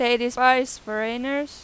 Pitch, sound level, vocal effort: 245 Hz, 94 dB SPL, loud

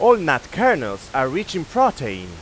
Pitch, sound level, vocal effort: 180 Hz, 99 dB SPL, very loud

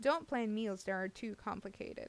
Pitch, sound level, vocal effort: 210 Hz, 84 dB SPL, normal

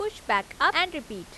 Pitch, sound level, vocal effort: 340 Hz, 91 dB SPL, loud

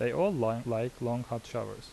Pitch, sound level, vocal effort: 115 Hz, 82 dB SPL, normal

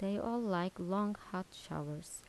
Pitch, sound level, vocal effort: 190 Hz, 79 dB SPL, soft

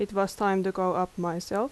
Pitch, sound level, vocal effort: 190 Hz, 81 dB SPL, normal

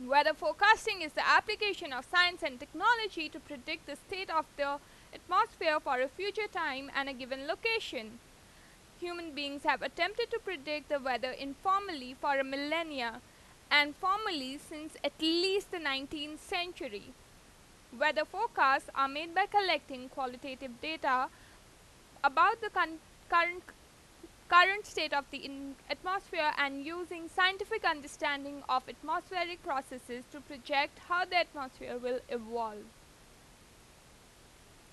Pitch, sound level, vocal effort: 305 Hz, 94 dB SPL, very loud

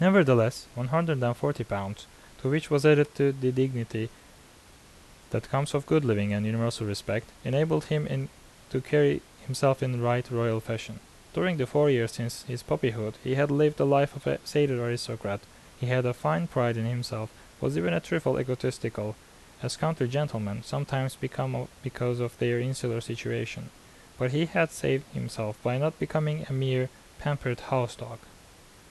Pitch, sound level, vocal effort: 125 Hz, 81 dB SPL, normal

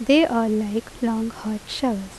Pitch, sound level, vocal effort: 225 Hz, 79 dB SPL, normal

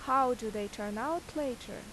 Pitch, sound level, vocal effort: 245 Hz, 86 dB SPL, loud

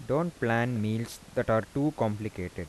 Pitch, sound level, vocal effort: 115 Hz, 83 dB SPL, soft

